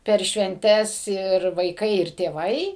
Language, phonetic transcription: Lithuanian, per švenˈtes ir vaiˈkai ir tėˈvai

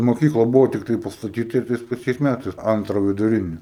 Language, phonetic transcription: Lithuanian, moˈkykla ˈbuvo tikˈtai pastaˈtyta ir ˈtais paˈčiais ˈmætais ˈantra viduˈrini

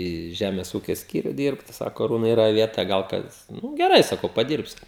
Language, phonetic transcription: Lithuanian, į ˈžæmes ˈūkia ˈskyriu ˈdyrbt ˈsako aˈrūnai yˈra ˈvieta ˈgal ˈkas nu geˈrai saˈkau paˈdyrbsiu

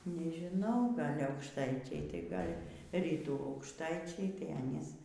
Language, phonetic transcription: Lithuanian, nežiˈnau ˈgal' aukšˈtaičiai tai ˈgal' ˈrytų aukšˈtaičiai tai ˈanys

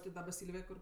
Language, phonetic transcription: Lithuanian, ti ˈdaba ˈsylvėj ˈkur

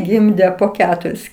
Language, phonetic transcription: Lithuanian, ˈgimdė po ˈketuris

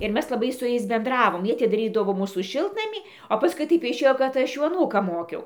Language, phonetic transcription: Lithuanian, ir ˈmes laˈbai su ˈjais benˈdravom ˈjie atidaˈrydavo ˈmūsų ˈšiltnamį o pasˈkui ˈtaip išˈėjo kad ˈaš ˈjų aˈnūką ˈmokiau

